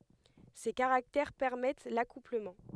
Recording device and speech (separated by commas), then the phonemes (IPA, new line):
headset microphone, read sentence
se kaʁaktɛʁ pɛʁmɛt lakupləmɑ̃